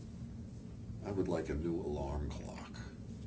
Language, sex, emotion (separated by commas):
English, male, neutral